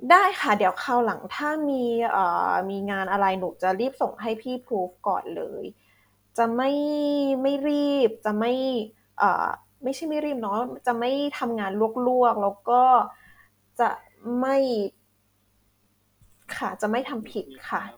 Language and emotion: Thai, frustrated